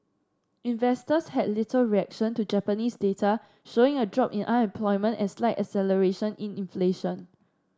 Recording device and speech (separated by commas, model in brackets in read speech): standing microphone (AKG C214), read sentence